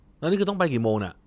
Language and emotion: Thai, frustrated